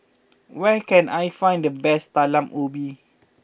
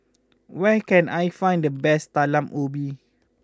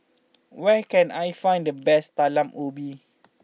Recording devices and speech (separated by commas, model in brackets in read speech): boundary microphone (BM630), close-talking microphone (WH20), mobile phone (iPhone 6), read sentence